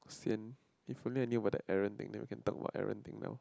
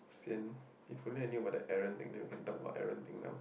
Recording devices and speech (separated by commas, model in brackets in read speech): close-talking microphone, boundary microphone, conversation in the same room